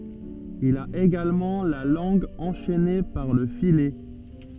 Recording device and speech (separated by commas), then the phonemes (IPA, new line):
soft in-ear microphone, read sentence
il a eɡalmɑ̃ la lɑ̃ɡ ɑ̃ʃɛne paʁ lə filɛ